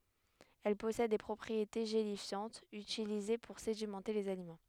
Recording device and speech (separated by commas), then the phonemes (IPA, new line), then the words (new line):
headset microphone, read sentence
ɛl pɔsɛd de pʁɔpʁiete ʒelifjɑ̃tz ytilize puʁ sedimɑ̃te lez alimɑ̃
Elle possède des propriétés gélifiantes utilisées pour sédimenter les aliments.